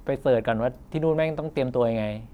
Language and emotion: Thai, frustrated